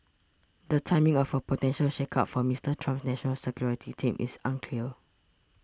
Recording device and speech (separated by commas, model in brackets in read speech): standing microphone (AKG C214), read sentence